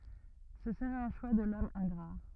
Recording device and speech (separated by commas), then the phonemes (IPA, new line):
rigid in-ear microphone, read sentence
sə səʁɛt œ̃ ʃwa də lɔm ɛ̃ɡʁa